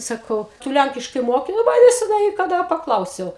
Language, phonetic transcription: Lithuanian, saˈkau ˈtu ˈlænkiškai ˈmoki nu ˈva neseˈnai kaˈda paˈklausiau

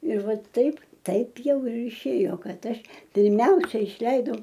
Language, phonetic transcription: Lithuanian, ir ˈvat ˈtaip ˈtaip ˈjau ir iˈšėjo ˈkad ˈaš pirˈmiausiai išˈleidau

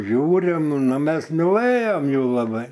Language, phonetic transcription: Lithuanian, ˈžiūrim ˈnu ˈmes miˈlɘjom ˈjų laˈbai

